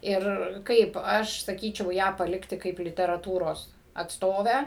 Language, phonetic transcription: Lithuanian, ˈir ˈkaip ˈaš saˈkyčiau ˈją paˈlikti ˈkaip literaˈtūros atsˈtovę

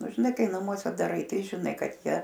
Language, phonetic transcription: Lithuanian, ˈnu žiˈnai ˈkai naˈmuose daˈrai ˈtai žiˈnai ˈkad ˈjie

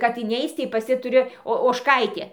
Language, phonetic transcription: Lithuanian, kad iˈneic tai pas ˈji tuˈri o ožˈkaitė

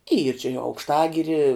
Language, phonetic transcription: Lithuanian, yr či i aukšˈtagiri

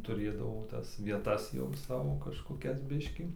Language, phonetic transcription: Lithuanian, tuˈrėdavo ˈtas vieˈtas jau ˈsavo kažkoˈkias ˈbiškį

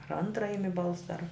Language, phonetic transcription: Lithuanian, ar ˈantra ˈimi ˈbalsa ar

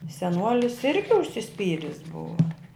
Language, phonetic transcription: Lithuanian, seˈnuolis ˈirgi užsiˈspyris ˈbua

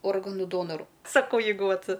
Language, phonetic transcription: Lithuanian, ˈorganų ˈdonoru saˈkau ˈjeigu ˈvat

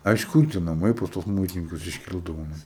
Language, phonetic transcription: Lithuanian, a iš ˈkur tie naˈmai pas tuos ˈmuitininkus išˈkildavo ˈnu

